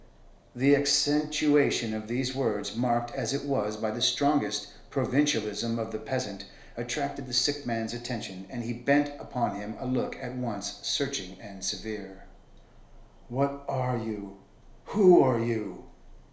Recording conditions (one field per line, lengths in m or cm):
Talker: one person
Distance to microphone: 1.0 m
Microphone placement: close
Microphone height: 1.1 m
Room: small (3.7 m by 2.7 m)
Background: none